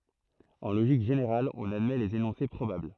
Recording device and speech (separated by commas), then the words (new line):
throat microphone, read sentence
En logique générale, on admet les énoncés probables.